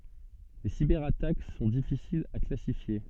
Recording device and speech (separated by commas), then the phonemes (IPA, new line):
soft in-ear microphone, read sentence
le sibɛʁatak sɔ̃ difisilz a klasifje